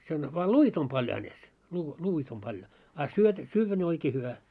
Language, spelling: Finnish, sen vain luit on paljon hänessä - luita on paljon a - syödä ne oikein hyvä
- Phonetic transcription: sen , vaa "luit ‿om 'paljo hänes , luu , 'luu₍it ‿om paljo , a syöt- 'syyvvä ne 'oikee 'hyvä .

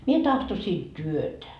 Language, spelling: Finnish, minä tahtoisin työtä
- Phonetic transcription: 'mie tahtosii "työtä .

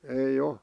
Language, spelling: Finnish, ei ole
- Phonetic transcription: ei'j ‿o .

